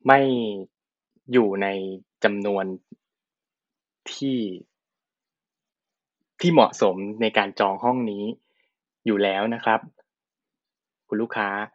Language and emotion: Thai, neutral